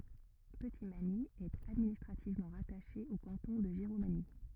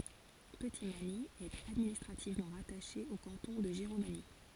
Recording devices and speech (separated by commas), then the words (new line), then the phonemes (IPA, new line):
rigid in-ear microphone, forehead accelerometer, read sentence
Petitmagny est administrativement rattachée au canton de Giromagny.
pətitmaɲi ɛt administʁativmɑ̃ ʁataʃe o kɑ̃tɔ̃ də ʒiʁomaɲi